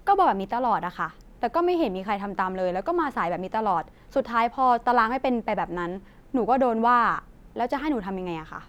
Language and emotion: Thai, frustrated